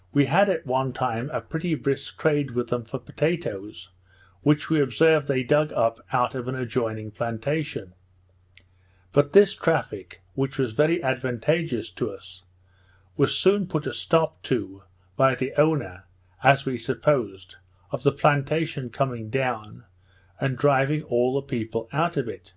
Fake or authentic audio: authentic